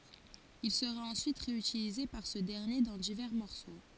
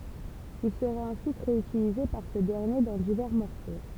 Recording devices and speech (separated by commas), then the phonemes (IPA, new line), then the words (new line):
forehead accelerometer, temple vibration pickup, read sentence
il səʁa ɑ̃syit ʁeytilize paʁ sə dɛʁnje dɑ̃ divɛʁ mɔʁso
Il sera ensuite réutilisé par ce dernier dans divers morceaux.